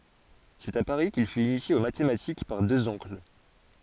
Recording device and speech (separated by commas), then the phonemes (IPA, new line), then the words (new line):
forehead accelerometer, read sentence
sɛt a paʁi kil fyt inisje o matematik paʁ døz ɔ̃kl
C’est à Paris qu’il fut initié aux mathématiques par deux oncles.